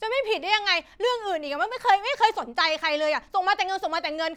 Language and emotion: Thai, angry